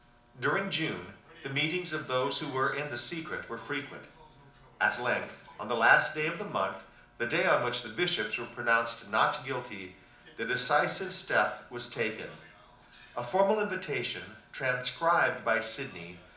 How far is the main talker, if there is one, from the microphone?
2.0 m.